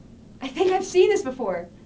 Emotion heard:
happy